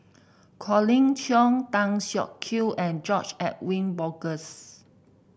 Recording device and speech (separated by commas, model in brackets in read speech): boundary microphone (BM630), read sentence